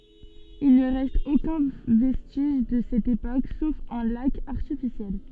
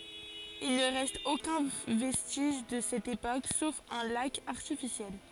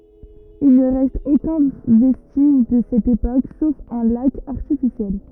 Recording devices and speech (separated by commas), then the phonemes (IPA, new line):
soft in-ear microphone, forehead accelerometer, rigid in-ear microphone, read sentence
il nə ʁɛst okœ̃ vɛstiʒ də sɛt epok sof œ̃ lak aʁtifisjɛl